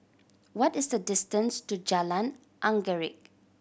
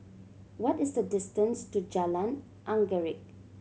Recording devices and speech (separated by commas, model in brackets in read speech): boundary microphone (BM630), mobile phone (Samsung C7100), read sentence